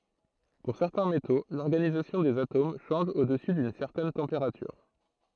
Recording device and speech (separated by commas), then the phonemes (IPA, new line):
throat microphone, read sentence
puʁ sɛʁtɛ̃ meto lɔʁɡanizasjɔ̃ dez atom ʃɑ̃ʒ o dəsy dyn sɛʁtɛn tɑ̃peʁatyʁ